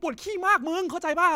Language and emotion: Thai, angry